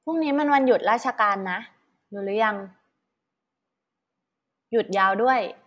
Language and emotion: Thai, neutral